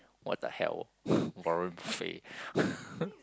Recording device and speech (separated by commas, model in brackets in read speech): close-talking microphone, conversation in the same room